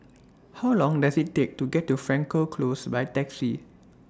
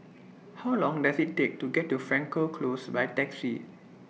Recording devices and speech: standing microphone (AKG C214), mobile phone (iPhone 6), read sentence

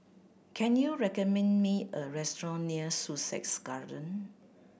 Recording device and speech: boundary microphone (BM630), read sentence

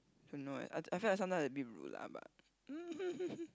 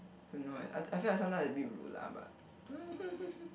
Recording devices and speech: close-talking microphone, boundary microphone, conversation in the same room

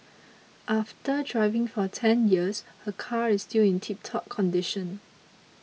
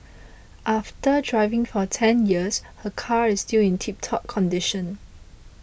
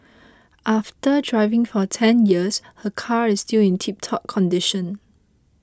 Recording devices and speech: mobile phone (iPhone 6), boundary microphone (BM630), close-talking microphone (WH20), read sentence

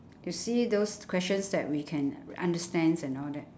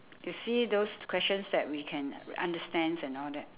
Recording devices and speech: standing microphone, telephone, conversation in separate rooms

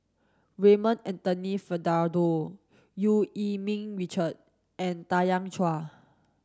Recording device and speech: standing microphone (AKG C214), read sentence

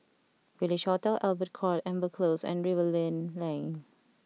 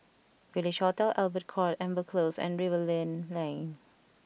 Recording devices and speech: mobile phone (iPhone 6), boundary microphone (BM630), read sentence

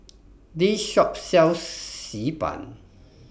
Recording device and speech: boundary microphone (BM630), read sentence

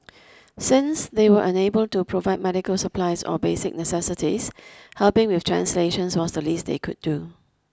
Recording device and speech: close-talking microphone (WH20), read sentence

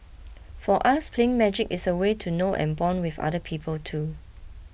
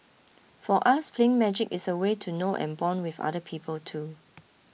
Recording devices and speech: boundary microphone (BM630), mobile phone (iPhone 6), read sentence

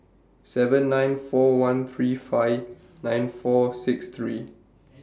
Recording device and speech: standing microphone (AKG C214), read sentence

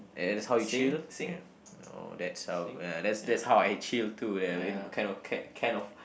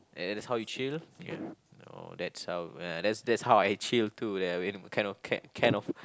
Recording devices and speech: boundary microphone, close-talking microphone, conversation in the same room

